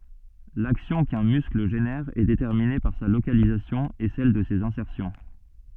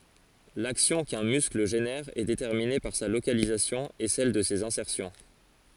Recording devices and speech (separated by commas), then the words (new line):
soft in-ear microphone, forehead accelerometer, read sentence
L'action qu'un muscle génère est déterminée par sa localisation et celle de ses insertions.